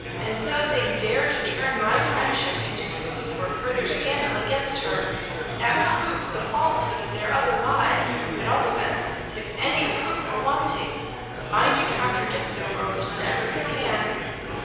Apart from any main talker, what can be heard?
Crowd babble.